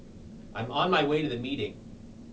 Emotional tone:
neutral